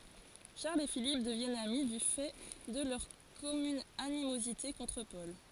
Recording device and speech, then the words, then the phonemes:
forehead accelerometer, read sentence
Charles et Philippe deviennent amis du fait de leur commune animosité contre Paul.
ʃaʁl e filip dəvjɛnt ami dy fɛ də lœʁ kɔmyn animozite kɔ̃tʁ pɔl

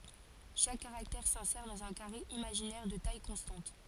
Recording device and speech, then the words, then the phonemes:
forehead accelerometer, read sentence
Chaque caractère s'insère dans un carré imaginaire de taille constante.
ʃak kaʁaktɛʁ sɛ̃sɛʁ dɑ̃z œ̃ kaʁe imaʒinɛʁ də taj kɔ̃stɑ̃t

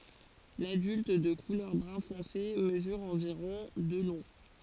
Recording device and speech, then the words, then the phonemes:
forehead accelerometer, read sentence
L'adulte, de couleur brun foncé, mesure environ de long.
ladylt də kulœʁ bʁœ̃ fɔ̃se məzyʁ ɑ̃viʁɔ̃ də lɔ̃

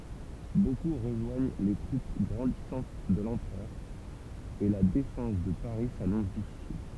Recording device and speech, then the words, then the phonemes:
temple vibration pickup, read sentence
Beaucoup rejoignent les troupes grandissantes de l'Empereur, et la défense de Paris s'annonce difficile.
boku ʁəʒwaɲ le tʁup ɡʁɑ̃disɑ̃t də lɑ̃pʁœʁ e la defɑ̃s də paʁi sanɔ̃s difisil

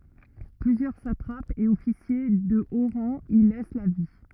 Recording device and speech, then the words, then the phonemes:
rigid in-ear microphone, read sentence
Plusieurs satrapes et officiers de haut rang y laissent la vie.
plyzjœʁ satʁapz e ɔfisje də o ʁɑ̃ i lɛs la vi

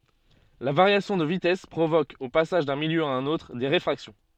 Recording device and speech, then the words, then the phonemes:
soft in-ear microphone, read sentence
La variation de vitesse provoque, au passage d'un milieu à un autre, des réfractions.
la vaʁjasjɔ̃ də vitɛs pʁovok o pasaʒ dœ̃ miljø a œ̃n otʁ de ʁefʁaksjɔ̃

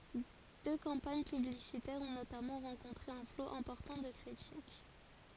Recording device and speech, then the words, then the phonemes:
forehead accelerometer, read sentence
Deux campagnes publicitaires ont notamment rencontré un flot important de critiques.
dø kɑ̃paɲ pyblisitɛʁz ɔ̃ notamɑ̃ ʁɑ̃kɔ̃tʁe œ̃ flo ɛ̃pɔʁtɑ̃ də kʁitik

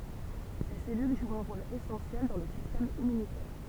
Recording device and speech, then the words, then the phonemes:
temple vibration pickup, read sentence
Ces cellules jouent un rôle essentiel dans le système immunitaire.
se sɛlyl ʒwt œ̃ ʁol esɑ̃sjɛl dɑ̃ lə sistɛm immynitɛʁ

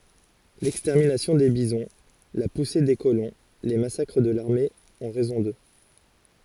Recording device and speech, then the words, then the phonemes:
forehead accelerometer, read sentence
L'extermination des bisons, la poussée des colons, les massacres de l'armée ont raison d'eux.
lɛkstɛʁminasjɔ̃ de bizɔ̃ la puse de kolɔ̃ le masakʁ də laʁme ɔ̃ ʁɛzɔ̃ dø

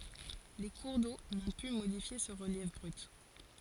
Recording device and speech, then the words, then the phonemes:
forehead accelerometer, read sentence
Les cours d'eau n'ont pu modifier ce relief brut.
le kuʁ do nɔ̃ py modifje sə ʁəljɛf bʁyt

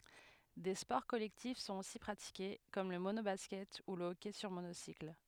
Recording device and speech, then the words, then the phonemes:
headset microphone, read sentence
Des sports collectifs sont aussi pratiqués, comme le mono-basket ou le hockey sur monocycle.
de spɔʁ kɔlɛktif sɔ̃t osi pʁatike kɔm lə monobaskɛt u lə ɔkɛ syʁ monosikl

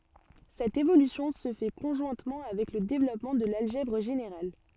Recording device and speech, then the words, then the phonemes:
soft in-ear microphone, read sentence
Cette évolution se fait conjointement avec le développement de l'algèbre générale.
sɛt evolysjɔ̃ sə fɛ kɔ̃ʒwɛ̃tmɑ̃ avɛk lə devlɔpmɑ̃ də lalʒɛbʁ ʒeneʁal

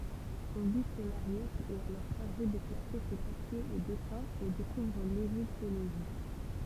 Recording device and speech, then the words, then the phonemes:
temple vibration pickup, read sentence
Auguste Mariette est alors chargé de classer ses papiers et dessins et découvre l’égyptologie.
oɡyst maʁjɛt ɛt alɔʁ ʃaʁʒe də klase se papjez e dɛsɛ̃z e dekuvʁ leʒiptoloʒi

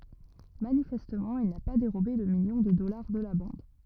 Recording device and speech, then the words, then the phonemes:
rigid in-ear microphone, read sentence
Manifestement, il n'a pas dérobé le million de dollars de la bande.
manifɛstmɑ̃ il na pa deʁobe lə miljɔ̃ də dɔlaʁ də la bɑ̃d

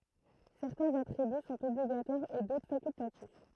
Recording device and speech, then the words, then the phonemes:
throat microphone, read sentence
Certains attributs sont obligatoires et d'autres facultatifs.
sɛʁtɛ̃z atʁiby sɔ̃t ɔbliɡatwaʁz e dotʁ fakyltatif

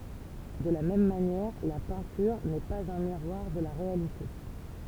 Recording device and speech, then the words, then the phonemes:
temple vibration pickup, read sentence
De la même manière, la peinture n’est pas un miroir de la réalité.
də la mɛm manjɛʁ la pɛ̃tyʁ nɛ paz œ̃ miʁwaʁ də la ʁealite

